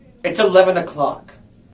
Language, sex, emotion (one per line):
English
male
angry